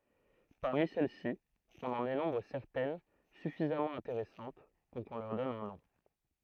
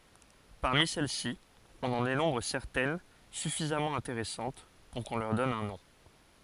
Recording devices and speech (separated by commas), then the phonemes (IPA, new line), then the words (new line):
throat microphone, forehead accelerometer, read sentence
paʁmi sɛl si ɔ̃n ɑ̃ denɔ̃bʁ sɛʁtɛn syfizamɑ̃ ɛ̃teʁɛsɑ̃t puʁ kɔ̃ lœʁ dɔn œ̃ nɔ̃
Parmi celles-ci, on en dénombre certaines suffisamment intéressantes pour qu'on leur donne un nom.